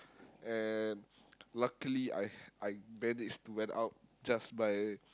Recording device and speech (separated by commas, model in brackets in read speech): close-talking microphone, conversation in the same room